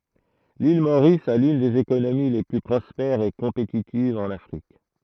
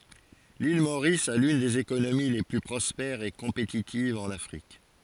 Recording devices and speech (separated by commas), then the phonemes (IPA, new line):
throat microphone, forehead accelerometer, read sentence
lil moʁis a lyn dez ekonomi le ply pʁɔspɛʁz e kɔ̃petitivz ɑ̃n afʁik